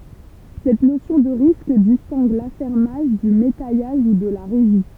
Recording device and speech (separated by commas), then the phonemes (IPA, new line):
temple vibration pickup, read sentence
sɛt nosjɔ̃ də ʁisk distɛ̃ɡ lafɛʁmaʒ dy metɛjaʒ u də la ʁeʒi